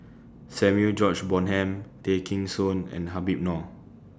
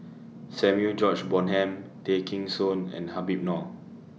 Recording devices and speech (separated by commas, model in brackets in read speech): standing microphone (AKG C214), mobile phone (iPhone 6), read sentence